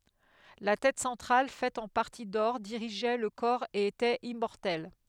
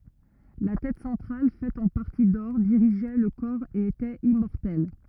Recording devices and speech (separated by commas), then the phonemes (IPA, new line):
headset microphone, rigid in-ear microphone, read sentence
la tɛt sɑ̃tʁal fɛt ɑ̃ paʁti dɔʁ diʁiʒɛ lə kɔʁ e etɛt immɔʁtɛl